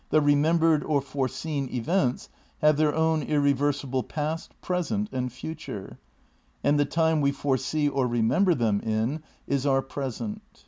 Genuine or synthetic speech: genuine